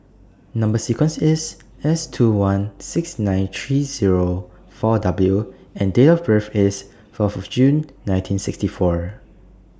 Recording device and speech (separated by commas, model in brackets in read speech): standing microphone (AKG C214), read sentence